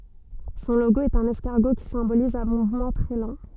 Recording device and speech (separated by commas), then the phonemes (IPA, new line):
soft in-ear microphone, read sentence
sɔ̃ loɡo ɛt œ̃n ɛskaʁɡo ki sɛ̃boliz œ̃ muvmɑ̃ tʁɛ lɑ̃